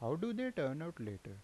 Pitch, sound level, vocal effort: 140 Hz, 83 dB SPL, normal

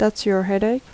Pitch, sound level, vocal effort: 210 Hz, 78 dB SPL, soft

